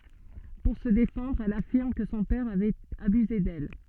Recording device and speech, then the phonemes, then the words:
soft in-ear microphone, read sentence
puʁ sə defɑ̃dʁ ɛl afiʁm kə sɔ̃ pɛʁ avɛt abyze dɛl
Pour se défendre elle affirme que son père avait abusé d’elle.

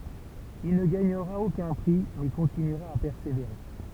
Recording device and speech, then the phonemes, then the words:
temple vibration pickup, read sentence
il nə ɡaɲəʁa okœ̃ pʁi mɛ kɔ̃tinyʁa a pɛʁseveʁe
Il ne gagnera aucun prix, mais continuera à persévérer.

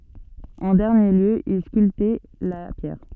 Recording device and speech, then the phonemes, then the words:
soft in-ear microphone, read sentence
ɑ̃ dɛʁnje ljø il skyltɛ la pjɛʁ
En dernier lieu, il sculptait la pierre.

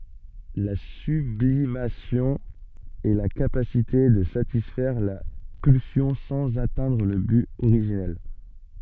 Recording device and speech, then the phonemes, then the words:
soft in-ear microphone, read sentence
la syblimasjɔ̃ ɛ la kapasite də satisfɛʁ la pylsjɔ̃ sɑ̃z atɛ̃dʁ lə byt oʁiʒinɛl
La sublimation est la capacité de satisfaire la pulsion sans atteindre le but originel.

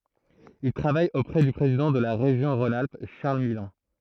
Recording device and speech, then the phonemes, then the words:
throat microphone, read sentence
il tʁavaj opʁɛ dy pʁezidɑ̃ də la ʁeʒjɔ̃ ʁɔ̃n alp ʃaʁl milɔ̃
Il travaille auprès du président de la région Rhône-Alpes, Charles Millon.

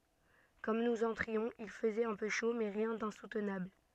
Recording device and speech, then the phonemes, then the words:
soft in-ear microphone, read sentence
kɔm nuz ɑ̃tʁiɔ̃z il fəzɛt œ̃ pø ʃo mɛ ʁjɛ̃ dɛ̃sutnabl
Comme nous entrions, il faisait un peu chaud, mais rien d'insoutenable.

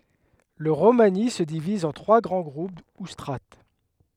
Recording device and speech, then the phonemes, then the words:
headset microphone, read sentence
lə ʁomani sə diviz ɑ̃ tʁwa ɡʁɑ̃ ɡʁup u stʁat
Le romani se divise en trois grands groupes ou strates.

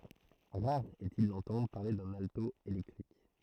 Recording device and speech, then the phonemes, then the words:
throat microphone, read sentence
ʁaʁ ɛstil dɑ̃tɑ̃dʁ paʁle dœ̃n alto elɛktʁik
Rare est-il d'entendre parler d'un alto électrique.

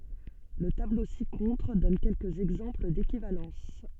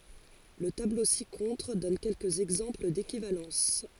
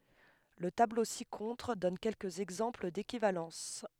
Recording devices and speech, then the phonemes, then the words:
soft in-ear microphone, forehead accelerometer, headset microphone, read sentence
lə tablo si kɔ̃tʁ dɔn kɛlkəz ɛɡzɑ̃pl dekivalɑ̃s
Le tableau ci-contre donne quelques exemples d'équivalences.

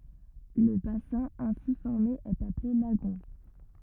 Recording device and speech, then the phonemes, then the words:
rigid in-ear microphone, read sentence
lə basɛ̃ ɛ̃si fɔʁme ɛt aple laɡɔ̃
Le bassin ainsi formé est appelé lagon.

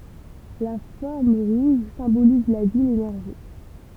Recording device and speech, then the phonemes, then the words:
temple vibration pickup, read sentence
la fɔʁm ʁuʒ sɛ̃boliz la vi lenɛʁʒi
La forme rouge symbolise la vie, l'énergie.

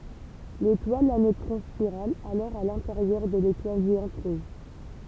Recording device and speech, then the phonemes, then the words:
temple vibration pickup, read sentence
letwal a nøtʁɔ̃ spiʁal alɔʁ a lɛ̃teʁjœʁ də letwal ʒeɑ̃t ʁuʒ
L'étoile à neutrons spirale alors à l'intérieur de l'étoile géante rouge.

